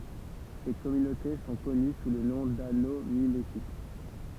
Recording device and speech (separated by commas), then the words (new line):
temple vibration pickup, read sentence
Ces communautés sont connues sous le nom d'anneaux mimétiques.